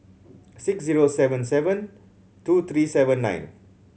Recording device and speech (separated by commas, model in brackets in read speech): mobile phone (Samsung C7100), read sentence